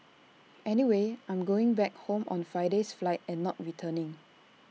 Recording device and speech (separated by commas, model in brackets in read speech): mobile phone (iPhone 6), read sentence